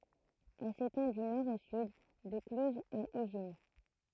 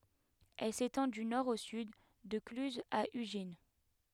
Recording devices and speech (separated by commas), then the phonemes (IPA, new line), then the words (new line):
throat microphone, headset microphone, read sentence
ɛl setɑ̃ dy nɔʁ o syd də klyzz a yʒin
Elle s'étend du nord au sud, de Cluses à Ugine.